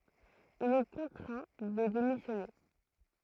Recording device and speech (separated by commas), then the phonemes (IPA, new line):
throat microphone, read sentence
il ɛ kɔ̃tʁɛ̃ də demisjɔne